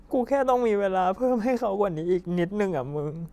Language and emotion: Thai, sad